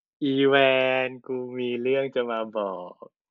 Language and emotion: Thai, happy